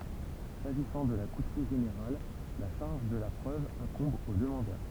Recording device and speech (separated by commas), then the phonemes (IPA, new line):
temple vibration pickup, read sentence
saʒisɑ̃ də la kutym ʒeneʁal la ʃaʁʒ də la pʁøv ɛ̃kɔ̃b o dəmɑ̃dœʁ